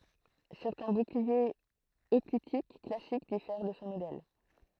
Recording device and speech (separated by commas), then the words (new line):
throat microphone, read sentence
Certains boucliers hoplitiques classiques diffèrent de ce modèle.